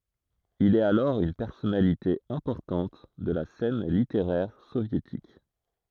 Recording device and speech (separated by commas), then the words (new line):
throat microphone, read sentence
Il est alors une personnalité importante de la scène littéraire soviétique.